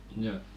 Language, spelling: Finnish, no
- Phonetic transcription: njo .

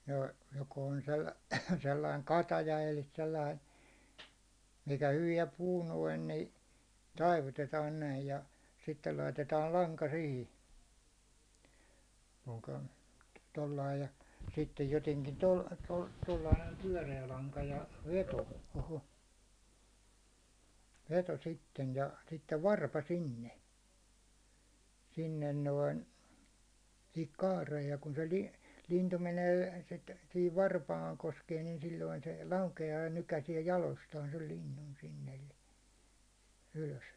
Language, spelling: Finnish, no joko on - sellainen kataja eli sellainen mikä hyvään puu noin niin taivutetaan näin ja sitten laitetaan lanka siihen puukon tuolla lailla ja sitten jotenkin - - tuolla lailla näin pyöreä lanka ja veto oho veto sitten ja sitten varpa sinne sinne noin siihen kaareen ja kun se - lintu menee sitten siihen varpaan koskee niin silloin se laukeaa ja nykäisee jaloistaan sen linnun sinne eli ylös
- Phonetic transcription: no , joko on sei- , sellaiŋ 'kataja el̆li 'sellain̬ , mikä hyviɛ 'puu noin ni , 'taivutetaan näij ja , sittel laitetaal 'laŋka 'sihti , puukON , tollai ja , sittej joteŋkin tol- , tol- tollai näim 'pyäₒre₍ä laŋka ja , 'veto o'ho , 'veto sitten ja , sittev 'varpa 'sinne , sinnen noin , sihik 'kaareej ja kun̬ se li- , lintu menee sit , sihiv 'varpaaŋ koskee nin silloin se , 'lauke₍aa ja nykäsiɛ 'jalostaan sei 'linnun sinn ‿elli , ylös .

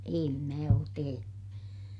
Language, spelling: Finnish, en minä ole tehnyt
- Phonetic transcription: em mä oot tehenY .

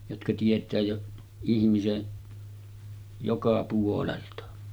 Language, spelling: Finnish, jotka tietää jo ihmisen joka puolelta
- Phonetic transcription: jotka 'tiet̀ää jo ihmisen , joka puolelta .

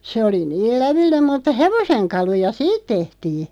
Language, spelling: Finnish, se oli niin lävellinen mutta hevosenkaluja siitä tehtiin
- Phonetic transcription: se oli 'niil "lävilli(n)em mutta 'hevoseŋkaluja "siit tehtii .

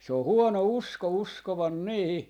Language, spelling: Finnish, se on huono usko uskoa niihin
- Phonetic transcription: se ‿o "huono "usko "uskovan 'niihi ,.

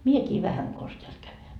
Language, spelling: Finnish, minäkin vähän konsa täältä käyn
- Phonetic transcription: "miekii 'vähäŋ kons teält käyn .

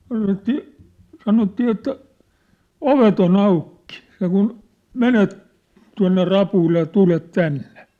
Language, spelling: Finnish, sanottiin sanottiin että ovet on auki sen kuin menet tuonne rapuille ja tulet tänne
- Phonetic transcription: sanottì , 'sanottii että , » "ovet ‿o'n ‿aukkɪ , seŋkun , "menet , tua̭nne 'rapuille ja 'tulet 'tännᴇ ! «

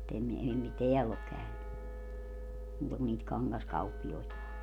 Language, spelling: Finnish, mutta en ei - täällä ole käynyt muuta kuin niitä kangaskauppiaita
- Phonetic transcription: [mu]t ‿em , ei mi - "teäll ‿ok käyny , muuta kun niit 'kangaskauppi₍oita .

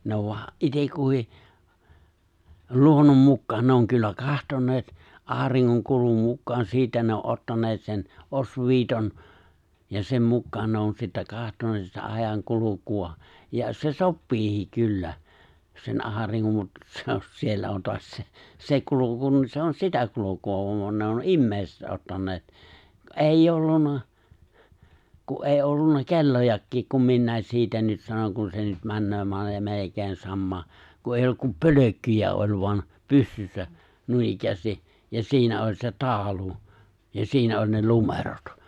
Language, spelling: Finnish, ne on vain itse kukin luonnon mukaan ne on kyllä katsoneet auringon kulun mukaan siitä ne on ottaneet sen osviitan ja sen mukaan ne on sitten katsoneet sitä ajankulua ja se sopiikin kyllä sen auringon mutta se on siellä on taas se se kulku niin se on sitä kulkua kun ne on ihmiset ottaneet ei ollut kun ei ollut kellojakin kun minä siitä nyt sanon kun se nyt menee - melkein samaa kun ei ollut kuin pölkkyjä oli vaan pystyssä noinikään ja siinä oli se taulu ja siinä oli ne numerot
- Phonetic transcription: 'ne ov voa , '’itekkuhì , 'luonnom 'mukkaan 'ne oŋ kyllä "kahtoǹeet , '’aariŋŋoŋ 'kulum mukkaan 'siitä ne o '’ottaǹeet sen , "’osviit(on) , ja 'sem 'mukkaan 'ne on sittä 'kahtoneet sitä 'aⁱjaŋ'kuluku₍a , ja se "soppii(hi) 'kyllä , sen '’aariŋŋom mut , se on , 'siellä on toas 'se , "se 'kulu̬ku niin 'se on "sitä 'kulu̬ku₍a (kun) ne on '’immeeiⁱset 'ottaǹeet , '’èijj ‿ollun̆na , ku’ '’èi ’ollunna 'ke̬llojakkiik kum 'minnä̀i̬s 'siitä nyt 'sanon kun se nyt männöö (male-) 'melekèin 'sammaa , ku eij ‿olluk kum "pölökkyjä oĺ voan , 'pystyssä , 'nuinikkäästi , ja 'siinä oĺ se 'taaᵒlu , ja 'siinä oĺ ne 'lumerot .

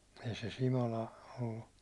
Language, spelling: Finnish, ei se Simola ollut
- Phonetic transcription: ei se 'Simola , ollu ,.

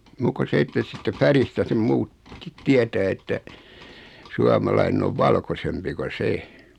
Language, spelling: Finnish, muuta kuin se että siitä väristä sen - muutkin tietää että suomalainen on valkoisempi kun se
- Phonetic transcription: 'muukko 'se että siittä 'färistä sem 'muut , -kit "tietää että , 'suamalainen ‿ov "valkosempi ko "se .

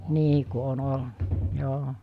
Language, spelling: Finnish, niin kuin on ollut joo
- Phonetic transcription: 'nii ku on 'olna , 'joo .

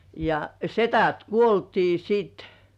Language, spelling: Finnish, ja sedät kuoltiin sitten
- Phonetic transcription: ja , setät "kuoltii 'sit .

